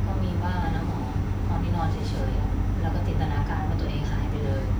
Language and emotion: Thai, frustrated